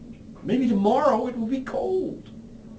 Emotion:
fearful